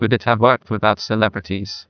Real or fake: fake